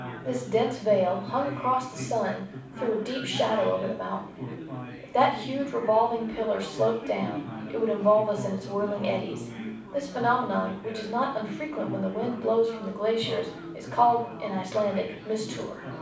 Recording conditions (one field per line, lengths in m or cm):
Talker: one person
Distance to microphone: 5.8 m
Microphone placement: far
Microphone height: 1.8 m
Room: medium-sized (5.7 m by 4.0 m)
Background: babble